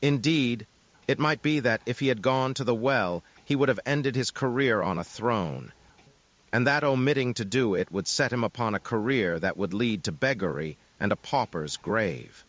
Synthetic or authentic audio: synthetic